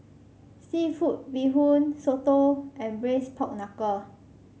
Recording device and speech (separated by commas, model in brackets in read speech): mobile phone (Samsung C5), read sentence